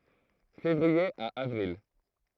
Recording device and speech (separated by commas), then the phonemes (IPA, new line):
throat microphone, read sentence
fevʁie a avʁil